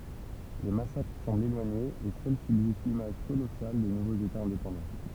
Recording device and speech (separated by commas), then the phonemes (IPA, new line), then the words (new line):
temple vibration pickup, read sentence
le masakʁ sɑ̃blt elwaɲez e sœl sybzist limaʒ kolɔsal de nuvoz etaz ɛ̃depɑ̃dɑ̃
Les massacres semblent éloignés et seule subsiste l'image colossale des nouveaux états indépendants.